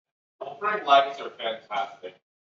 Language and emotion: English, neutral